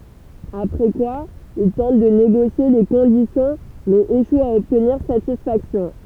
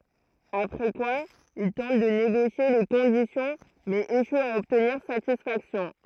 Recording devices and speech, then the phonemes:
temple vibration pickup, throat microphone, read sentence
apʁɛ kwa il tɑ̃t də neɡosje le kɔ̃disjɔ̃ mɛz eʃwt a ɔbtniʁ satisfaksjɔ̃

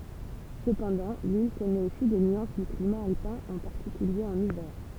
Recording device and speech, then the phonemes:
temple vibration pickup, read sentence
səpɑ̃dɑ̃ lil kɔnɛt osi de nyɑ̃s dy klima alpɛ̃ ɑ̃ paʁtikylje ɑ̃n ivɛʁ

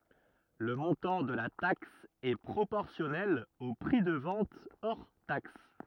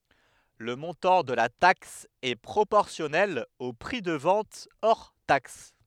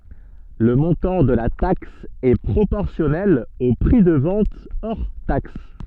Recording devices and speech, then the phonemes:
rigid in-ear microphone, headset microphone, soft in-ear microphone, read sentence
lə mɔ̃tɑ̃ də la taks ɛ pʁopɔʁsjɔnɛl o pʁi də vɑ̃t ɔʁ taks

